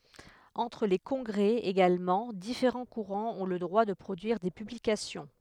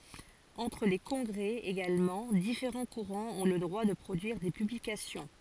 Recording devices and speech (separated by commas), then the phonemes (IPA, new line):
headset microphone, forehead accelerometer, read sentence
ɑ̃tʁ le kɔ̃ɡʁɛ eɡalmɑ̃ difeʁɑ̃ kuʁɑ̃z ɔ̃ lə dʁwa də pʁodyiʁ de pyblikasjɔ̃